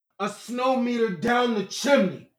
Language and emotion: English, angry